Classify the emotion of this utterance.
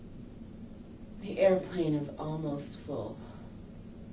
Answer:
neutral